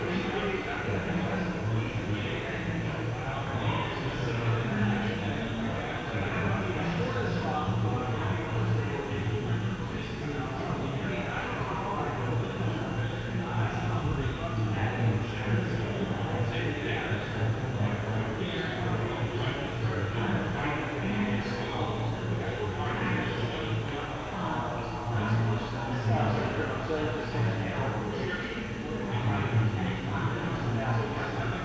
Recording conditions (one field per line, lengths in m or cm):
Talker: no one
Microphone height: 1.7 m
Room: very reverberant, large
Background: babble